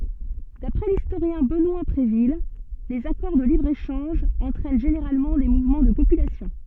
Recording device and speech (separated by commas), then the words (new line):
soft in-ear microphone, read sentence
D'après l'historien Benoît Bréville, les accords de libre-échange entraînent généralement des mouvements de population.